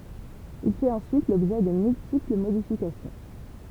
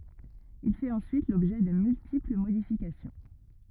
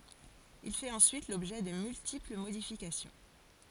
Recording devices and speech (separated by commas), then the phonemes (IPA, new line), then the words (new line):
temple vibration pickup, rigid in-ear microphone, forehead accelerometer, read sentence
il fɛt ɑ̃syit lɔbʒɛ də myltipl modifikasjɔ̃
Il fait ensuite l'objet de multiples modifications.